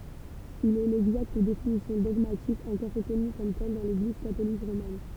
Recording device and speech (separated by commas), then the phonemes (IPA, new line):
temple vibration pickup, read sentence
il ɛ lɛɡzakt definisjɔ̃ dɔɡmatik ɑ̃kɔʁ ʁəkɔny kɔm tɛl dɑ̃ leɡliz katolik ʁomɛn